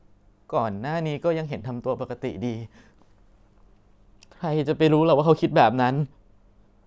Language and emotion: Thai, sad